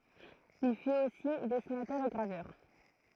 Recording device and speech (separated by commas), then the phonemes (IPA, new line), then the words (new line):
throat microphone, read sentence
il fyt osi dɛsinatœʁ e ɡʁavœʁ
Il fut aussi dessinateur et graveur.